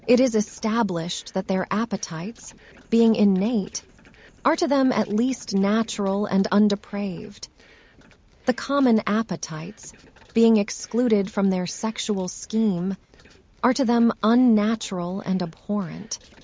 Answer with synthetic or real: synthetic